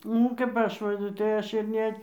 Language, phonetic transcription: Lithuanian, nu kap ˈaš ˈva tai ˈaš ir ˈne

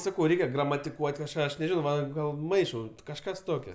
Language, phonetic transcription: Lithuanian, ˈsakau ˈreikia gramatiˈkuot' kažˈką ˈaš neˈžinau ˈva ˈgal ˈmaišau kažˈkas ˈtokio

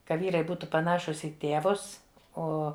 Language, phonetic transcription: Lithuanian, ˈka ˈvyrai ˈbūtu paˈnašus į ˈtėvus ˈo

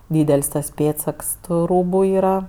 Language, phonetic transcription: Lithuanian, ˈdydel's' tas ˈpėdsaks tu ˈrūbu ˈyra

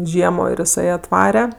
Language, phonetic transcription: Lithuanian, ˈžiemo ir iˈsai atˈvare

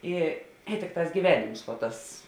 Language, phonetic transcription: Lithuanian, ˈi i ˈtikˌtās gyˈvenims vo ˈtas

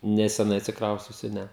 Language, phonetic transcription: Lithuanian, neseˈnai atsikˈrausciusiu ˈne

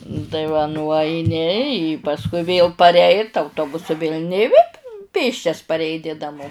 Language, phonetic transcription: Lithuanian, tai va nuaiˈni i pasˈkui vėl parˈeit auˈtobusu vėl' nė i vė ˈpėsčias pareiˈni naˈmo

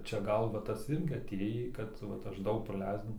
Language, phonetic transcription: Lithuanian, čia ˈgal va ˈtas ˈirgi aˈtėjį ˈkad vat ˈaš ˈdaug praˈleisd

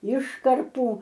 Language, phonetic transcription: Lithuanian, ˈiškarpų

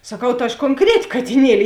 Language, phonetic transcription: Lithuanian, saˈkau ta aš konˈkreti katiˈnieli

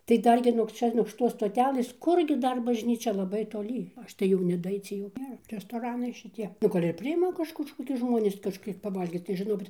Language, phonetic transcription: Lithuanian, tai ˈdar gi nuog ˈčia nuog šiˈtos stoˈtelɘs ˈkur gi ˈdar bažˈnyčia laˈbai toˈly ˈaš tai jau nedaˈaicie jau ˈnėra restoˈranai šiˈtie nu ˈgal' ir priˈima ˈkaž kažkoˈkius ˈžmonis kažˈkiek paˈvalgyt tai žiˈnokit

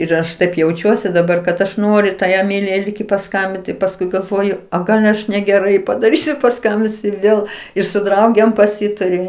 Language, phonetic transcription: Lithuanian, ir ˈaš taip jauˈčiuosi daˈbar kad ˈaš ˈnoriu tai eˈmilijai ˈlyg i paˈskambint pasˈkui galˈvoju ˈo ˈgal aš negeˈrai padaˈrysiu paˈskambinsiu ir ˈvėl ir su ˈdraugėm paˈsitariu

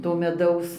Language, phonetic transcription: Lithuanian, to meˈdaus

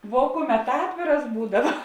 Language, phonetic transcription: Lithuanian, vuo ˈkuˌmet ˈatvėras ˈbūdava

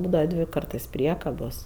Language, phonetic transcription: Lithuanian, ˈbūdava ˈdvi ˈkartɜs ˈpriekabos

